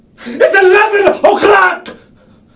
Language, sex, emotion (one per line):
English
male
angry